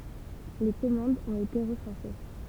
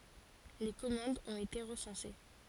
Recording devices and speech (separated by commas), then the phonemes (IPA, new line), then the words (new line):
temple vibration pickup, forehead accelerometer, read sentence
le kɔmɑ̃dz ɔ̃t ete ʁəsɑ̃se
Les commandes ont été recensées.